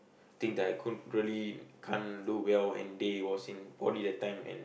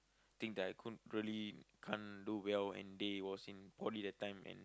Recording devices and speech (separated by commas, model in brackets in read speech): boundary microphone, close-talking microphone, conversation in the same room